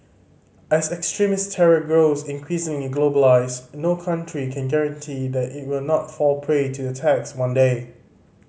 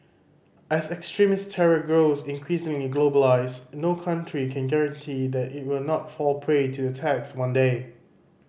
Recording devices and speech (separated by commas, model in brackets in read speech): mobile phone (Samsung C5010), boundary microphone (BM630), read sentence